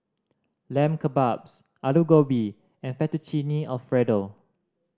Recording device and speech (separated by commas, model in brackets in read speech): standing microphone (AKG C214), read sentence